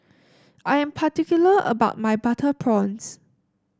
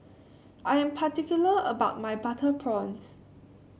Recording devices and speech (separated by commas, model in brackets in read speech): standing microphone (AKG C214), mobile phone (Samsung C7), read sentence